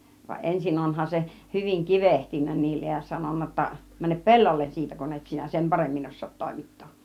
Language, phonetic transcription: Finnish, va "ˀensin 'onhan se , hyviŋ "kivehtinnä 'niillej ja 'sanonna ‿tta , » 'mänep "pe̬llollen 'siitä kun et sinä "sem 'paremmin 'os̆soot 'tòimittoo(k) « .
- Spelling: vaan ensin onhan se hyvin kivehtinyt niille ja sanonut jotta mene pellolle siitä kun et sinä sen paremmin osaa toimittaa

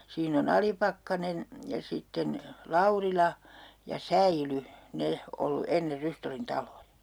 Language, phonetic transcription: Finnish, siin ‿o"n ‿Alipakkanen , ja 'sitten , "Laurila , ja "Säily , 'ne , ollu 'enner 'Rystollin 'taloja .
- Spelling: siinä on Alipakkanen ja sitten Laurila ja Säily ne ollut ennen Rystollin taloja

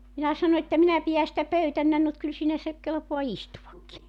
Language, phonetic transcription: Finnish, minä 'sano että 'minä pijä sitä 'pöytännän nut 'kyl siinä se , 'kelpoa istuvakki .
- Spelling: minä sanoin että minä pidän sitä pöytänäni mutta kyllä siinä se kelpaa istuakin

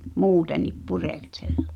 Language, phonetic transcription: Finnish, muutenip 'purèkseʟʟᴇ .
- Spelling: muutenkin pureskella

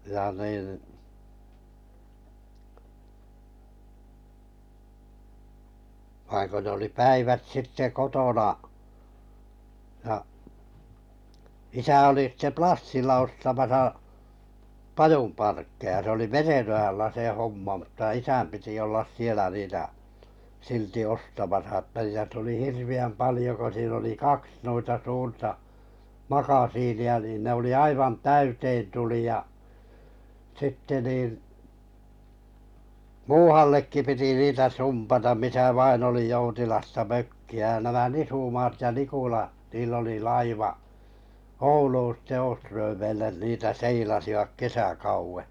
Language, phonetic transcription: Finnish, ja nìn , vaiŋ ko nᵉ ‿oli 'päivät 'sitte 'kotona , ʲa , 'isä 'oli sⁱtte "Plassilla ostamasa , 'pajum parkkeja se oli "Merenojalla se mᵘtta 'isäm piti ollas 'sielä niitä , 'silti 'ostamasa ᵊtä ja tuli 'hirvi₍äm 'palⁱjo ko siin ‿oli 'kaks nuita 'suurta , "makasiini₍a niin ne oli 'aivan "täyteen tuli ja , 'sitte nìn , "muuhallekki piti 'niitä "sumpatam misä vain ‿oli 'joutilasta 'mökki₍ä ja 'nämä "Nisumaat ja Niikula 'niil ‿oli 'laiva’ , "Ouluun sitte Öösträämeilen niitä "seilasivak 'kesäkauwe .
- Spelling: ja niin vaan kun ne oli päivät sitten kotona ja isä oli sitten Plassilla ostamassa pajun parkkeja se oli Merenojalla se mutta isän piti olla siellä niitä silti ostamassa että ja tuli hirveän paljon kun siinä oli kaksi noita suurta makasiinia niin ne oli aivan täyteen tuli ja sitten niin muuallekin piti niitä sumpata missä vain oli joutilasta mökkiä ja nämä Nisumaat ja Nikula niin oli laiva Ouluun sitten Åströmeille niitä seilasivat kesäkauden

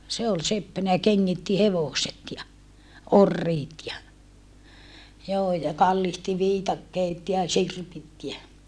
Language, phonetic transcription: Finnish, se ol seppänä ja keŋŋitti hevoset ja , - - , orriit ja , joo ja kallihti viitakkeet ja sirpit jä ,.
- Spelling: se oli seppänä ja kengitti hevoset ja oriit ja joo ja kallitsi viikatteet ja sirpit ja

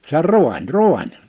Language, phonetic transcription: Finnish, se ‿or "rùań "rùań .
- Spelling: se on raani raani

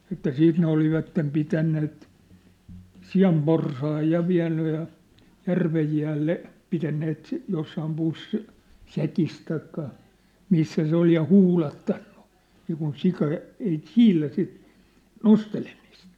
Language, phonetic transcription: Finnish, että 'siit ne olivattem 'pitänneet , "si̳a̳mporsaaj 'ja 'viä̭nny ja , 'järvej jäälle , 'pitänneet , 'jossaam 'pussĭs , "säkis taikka , 'missä se ‿ol ja "huulattanɴᴜ , niikun 'sika , ei "siilä sit , 'nostelemist .
- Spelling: että siitä ne olivat pitäneet sianporsaan ja vieneet ja järven jäälle pitäneet jossakin pussissa säkissä tai missä se oli ja huudattanut niin kuin sika ei siedä sitä nostelemista

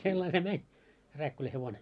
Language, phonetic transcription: Finnish, sellai se 'mäń , 'Rääkkylä hevone .
- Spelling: sillä lailla se meni Rääkkylän hevonen

